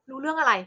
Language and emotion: Thai, angry